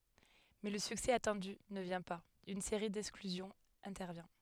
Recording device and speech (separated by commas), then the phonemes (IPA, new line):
headset microphone, read sentence
mɛ lə syksɛ atɑ̃dy nə vjɛ̃ paz yn seʁi dɛksklyzjɔ̃z ɛ̃tɛʁvjɛ̃